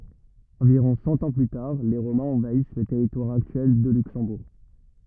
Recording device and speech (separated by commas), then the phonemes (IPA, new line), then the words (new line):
rigid in-ear microphone, read sentence
ɑ̃viʁɔ̃ sɑ̃ ɑ̃ ply taʁ le ʁomɛ̃z ɑ̃vais lə tɛʁitwaʁ aktyɛl də lyksɑ̃buʁ
Environ cent ans plus tard, les Romains envahissent le territoire actuel de Luxembourg.